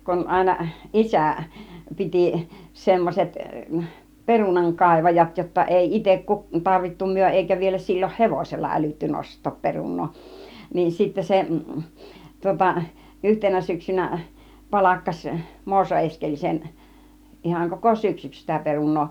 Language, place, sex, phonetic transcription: Finnish, Kiihtelysvaara, female, kun 'àina "ˀisä̀ , 'pitì , 'semmoset , "perunaŋ'kàivajat jotta 'èi 'itek ku- , 'tarvittu 'myö èikä vielä 'sil͕l͕oh "hevosella älytty 'nost̆toop 'perun̆noo , niin sittä 'se , 'tŭŏta , "yhtenä 'syksynä , 'palakkaś , "Muoso 'Eskelisen , 'ihaŋ koko 'syksyks sitä 'perun̆noo .
- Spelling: kun aina isä piti semmoiset perunankaivajat jotta ei itse - tarvittu me eikä vielä silloin hevosella älytty nostaa perunaa niin sitten se tuota yhtenä syksynä palkkasi Muoso Eskelisen ihan koko syksyksi sitä perunaa

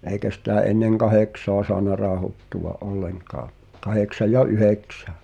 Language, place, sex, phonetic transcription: Finnish, Pihtipudas, male, èi̬kä sitä̀ "’enneŋ 'kahèksoa soana 'raahottuʷa’ "’olleŋkaa , 'kaheksaj̆ ja "yheksᴀ̈ᴀ̈ .
- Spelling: eikä sitä ennen kahdeksaa saanut rauhoittua ollenkaan kahdeksan ja yhdeksän

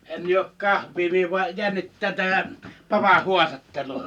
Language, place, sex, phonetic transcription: Finnish, Liperi, male, 'en juok "kahv̀ii mie vuaj "jännittää 'tä(m)ä , 'papa "huastattelu .
- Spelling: en juo kahvia minä vain jännittää tämä papan haastattelu

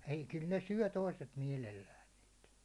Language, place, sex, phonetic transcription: Finnish, Hollola, male, ei kyl ne 'syö̬ 'toiset 'miɛlellään niit .
- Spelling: ei kyllä ne syö toiset mielellään niitä

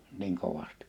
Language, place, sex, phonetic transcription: Finnish, Liperi, male, niŋ 'kovastɪ .
- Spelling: niin kovasti

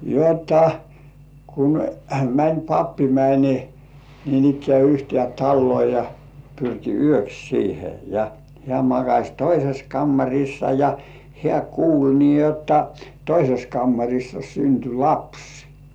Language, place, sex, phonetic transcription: Finnish, Kurkijoki, male, jotta , kun , mäń "pappi 'mäń , niinikkĕä yhtĭè 'tallŭò ja , pyrki "yöks 'siihe ja , hĕä̀ makaś "toises 'kammaŕissa ja 'hĕä̀ "kuul nii jotta , "toises 'kammaŕissa synty "laps .
- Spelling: jotta kun meni pappi meni niinikään yhteen taloon ja pyrki yöksi siihen ja hän makasi toisessa kammarissa ja hän kuuli niin jotta toisessa kammarissa syntyi lapsi

